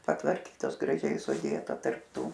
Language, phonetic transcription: Lithuanian, patvarˈkytos graˈžiai suˈdėta tarp ˈtų

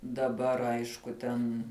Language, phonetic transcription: Lithuanian, daˈbar ˈaišku ˈten

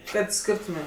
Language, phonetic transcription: Lithuanian, ˈkad ˈskirtumėm

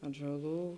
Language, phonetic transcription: Lithuanian, atžaˈlų

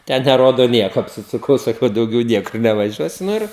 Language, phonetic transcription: Lithuanian, ˈten neˈrodo ˈnieko apsisuˈkau saˈkau dauˈgiau ˈniekur nevaˈžiuosiu nu ˈir

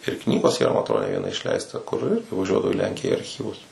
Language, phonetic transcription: Lithuanian, ir ˈknygos yˈra ma atˈrodo ne ˈviena išˈleista kur ˈir tai vaˈžiuodavau i ˈlenkiją arˈchyvus

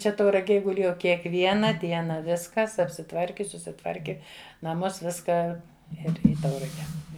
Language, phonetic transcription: Lithuanian, ˈčia tauraˈgėj guˈlėjau kiekˈviena ˈdiena ˈviskas apsiˈtvarki susiˈtvarki naˈmuos ˈviską ˈir ˈį ˈtaurage

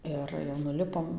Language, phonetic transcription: Lithuanian, ˈir jau nuˈlipom

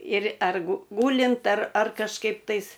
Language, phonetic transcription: Lithuanian, ir ˈer gu ˈgūlint ar ar kažˈkaip tais

